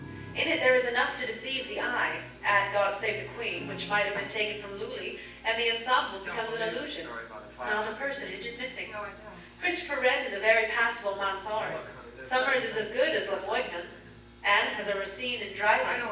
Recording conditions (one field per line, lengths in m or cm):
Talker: one person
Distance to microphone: 9.8 m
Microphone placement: far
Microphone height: 1.8 m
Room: large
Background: television